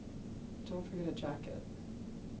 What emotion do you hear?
neutral